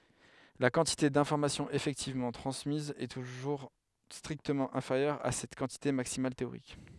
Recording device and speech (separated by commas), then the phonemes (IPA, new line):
headset microphone, read sentence
la kɑ̃tite dɛ̃fɔʁmasjɔ̃z efɛktivmɑ̃ tʁɑ̃smiz ɛ tuʒuʁ stʁiktəmɑ̃ ɛ̃feʁjœʁ a sɛt kɑ̃tite maksimal teoʁik